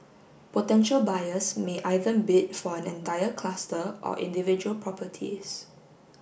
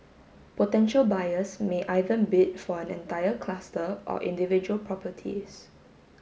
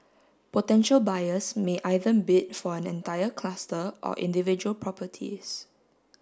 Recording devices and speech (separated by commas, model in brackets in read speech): boundary microphone (BM630), mobile phone (Samsung S8), standing microphone (AKG C214), read sentence